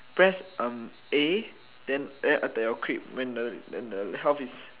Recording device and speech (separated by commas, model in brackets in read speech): telephone, conversation in separate rooms